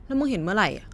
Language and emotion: Thai, angry